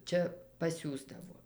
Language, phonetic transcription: Lithuanian, ˈčia paˈsiųsdavo

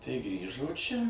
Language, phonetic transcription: Lithuanian, tai ˈgrįžo ˈčia

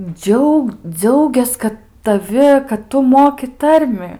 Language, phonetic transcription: Lithuanian, ˈdžiaug ˈdziaugias ˈkad taˈvi kad ˈtu ˈmoki ˈtarmi

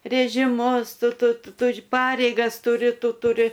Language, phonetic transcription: Lithuanian, rėžiˈmus ˈtu ˈtu ˈtur ˈpareigas tuˈri ˈtu tuˈri

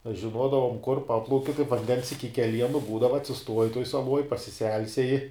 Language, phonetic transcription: Lithuanian, aš žiˈnuodavum kur ˈpaplauki kaip vanˈdens iki keˈlienu ˈbūdava atsiˈstuoji tuoj saˈluoj pasiˈselseji

